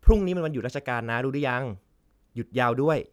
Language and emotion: Thai, neutral